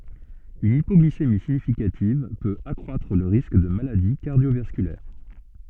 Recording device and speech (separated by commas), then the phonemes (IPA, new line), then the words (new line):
soft in-ear microphone, read sentence
yn ipɔɡlisemi siɲifikativ pøt akʁwatʁ lə ʁisk də maladi kaʁdjovaskylɛʁ
Une hypoglycémie significative peut accroître le risque de maladie cardiovasculaire.